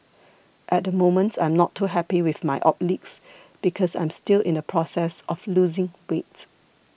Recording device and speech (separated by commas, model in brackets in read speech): boundary microphone (BM630), read sentence